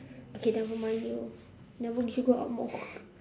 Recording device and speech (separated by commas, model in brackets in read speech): standing microphone, conversation in separate rooms